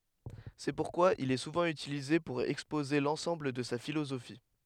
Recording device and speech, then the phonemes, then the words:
headset microphone, read sentence
sɛ puʁkwa il ɛ suvɑ̃ ytilize puʁ ɛkspoze lɑ̃sɑ̃bl də sa filozofi
C'est pourquoi il est souvent utilisé pour exposer l'ensemble de sa philosophie.

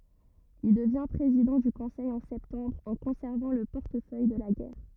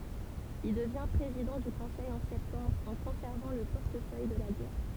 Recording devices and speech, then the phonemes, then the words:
rigid in-ear microphone, temple vibration pickup, read sentence
il dəvjɛ̃ pʁezidɑ̃ dy kɔ̃sɛj ɑ̃ sɛptɑ̃bʁ ɑ̃ kɔ̃sɛʁvɑ̃ lə pɔʁtəfœj də la ɡɛʁ
Il devient président du Conseil en septembre en conservant le portefeuille de la Guerre.

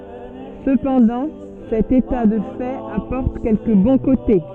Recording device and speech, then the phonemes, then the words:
soft in-ear microphone, read sentence
səpɑ̃dɑ̃ sɛt eta də fɛt apɔʁt kɛlkə bɔ̃ kote
Cependant, cet état de fait apporte quelques bons côtés.

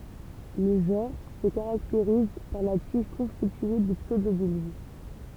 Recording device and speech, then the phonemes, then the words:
temple vibration pickup, read sentence
lə ʒɑ̃ʁ sə kaʁakteʁiz paʁ la tiʒ kɔ̃stitye də psødobylb
Le genre se caractérise par la tige constituée de pseudobulbes.

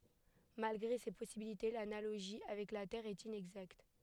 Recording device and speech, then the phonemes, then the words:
headset microphone, read sentence
malɡʁe se pɔsibilite lanaloʒi avɛk la tɛʁ ɛt inɛɡzakt
Malgré ces possibilités, l’analogie avec la Terre est inexacte.

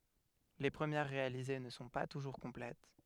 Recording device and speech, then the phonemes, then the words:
headset microphone, read sentence
le pʁəmjɛʁ ʁealize nə sɔ̃ pa tuʒuʁ kɔ̃plɛt
Les premières réalisées ne sont pas toujours complètes.

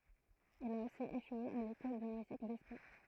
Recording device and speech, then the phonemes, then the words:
throat microphone, read sentence
il a osi eʃwe a lekɔl də myzik dɛspjɔ̃
Il a aussi échoué à l'école de musique d'espion.

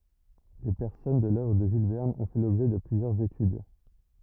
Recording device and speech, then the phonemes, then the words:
rigid in-ear microphone, read sentence
le pɛʁsɔnaʒ də lœvʁ də ʒyl vɛʁn ɔ̃ fɛ lɔbʒɛ də plyzjœʁz etyd
Les personnages de l’œuvre de Jules Verne ont fait l'objet de plusieurs études.

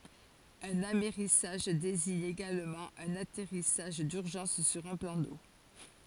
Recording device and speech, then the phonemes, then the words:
forehead accelerometer, read sentence
œ̃n amɛʁisaʒ deziɲ eɡalmɑ̃ œ̃n atɛʁisaʒ dyʁʒɑ̃s syʁ œ̃ plɑ̃ do
Un amerrissage désigne également un atterrissage d'urgence sur un plan d'eau.

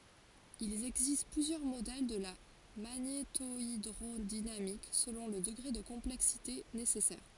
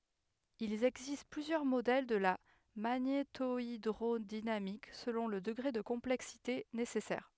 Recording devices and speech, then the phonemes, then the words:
forehead accelerometer, headset microphone, read sentence
il ɛɡzist plyzjœʁ modɛl də la maɲetoidʁodinamik səlɔ̃ lə dəɡʁe də kɔ̃plɛksite nesɛsɛʁ
Il existe plusieurs modèles de la magnétohydrodynamique selon le degré de complexité nécessaire.

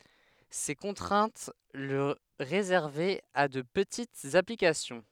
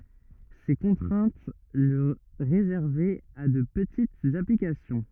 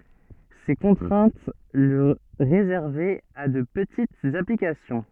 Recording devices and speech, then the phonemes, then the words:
headset microphone, rigid in-ear microphone, soft in-ear microphone, read sentence
se kɔ̃tʁɛ̃t lə ʁezɛʁvɛt a də pətitz aplikasjɔ̃
Ces contraintes le réservaient à de petites applications.

